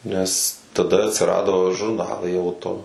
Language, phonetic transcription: Lithuanian, nes taˈda atsiˈrado žurˈnalai ˈauto

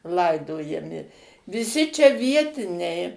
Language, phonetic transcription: Lithuanian, ˈlaidojami viˈsi čia ˈvietiniai

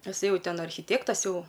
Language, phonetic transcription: Lithuanian, taˈsai ˈjau ˈten archiˈtėktas ˈjau

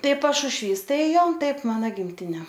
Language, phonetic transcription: Lithuanian, ˈtai pašušˈvys ˈtai ˈjau ˈtaip ˈmana gimˈtine

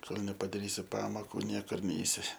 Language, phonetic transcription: Lithuanian, ˈkol nepadaˈrysi ˈpamoku ˈniekur ˈneisi

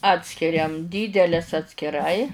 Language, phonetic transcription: Lithuanian, ˈatskiriam ˈdydelės atskiˈrai

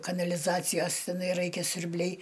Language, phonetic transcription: Lithuanian, kanaliˈzacijos teˈnai ˈraikia siurˈbliai

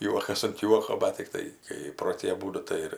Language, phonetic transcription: Lithuanian, ˈjuokas ant ˈjuoko ˈman tikˈtai kai pro ˈtį aˈbūdu ˈtai ir

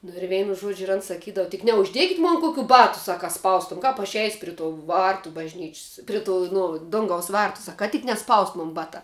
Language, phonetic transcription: Lithuanian, nu ir ˈveinu ˈžuodžiu ir an saˈkydav tik neužˈdiekit' ˈmon ˈkukių ˈbatu ˈsak ka ˈspaustuom ˈkap aš eis' ˈpri to ˈvartu bažˈnič's' ˈpri ˌtų ˈnu ˈdungaus ˈvartu ˈsak ka tik neˈspaust ˈmun ˈbatā

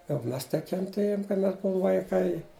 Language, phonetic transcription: Lithuanian, jau ˈmes tai kenˈtėjum kai ˈmes ˈbuom vaiˈkai

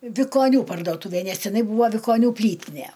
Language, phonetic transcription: Lithuanian, vikoˈnių pardoˈtūvė ˈnes tiˈnai ˈbūva vikoˈnių ˈplytine

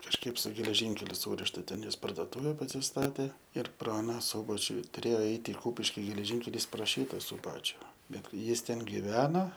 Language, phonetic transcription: Lithuanian, kažˈkaip su geleˈžinkeliu ˈsūrišta ˈten ˈjis pardoˈtūve pasisˈtatė ir ˈpra aˈna ˈsūbačiu tuˈrėjo ˈeit i ˈkūpiški geleˈžynkelys pro ˈšyta suˈbačiu ˈbet ˈjis ˈten giˈvena

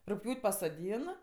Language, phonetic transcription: Lithuanian, rugˈpjūt' pasoˈdyn

